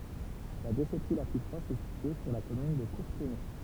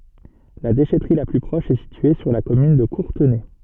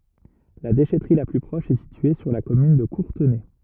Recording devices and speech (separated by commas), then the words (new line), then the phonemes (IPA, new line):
temple vibration pickup, soft in-ear microphone, rigid in-ear microphone, read sentence
La déchèterie la plus proche est située sur la commune de Courtenay.
la deʃɛtʁi la ply pʁɔʃ ɛ sitye syʁ la kɔmyn də kuʁtənɛ